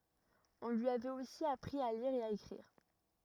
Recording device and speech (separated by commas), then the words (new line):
rigid in-ear microphone, read sentence
On lui avait aussi appris à lire et à écrire.